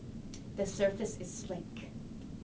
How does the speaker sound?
neutral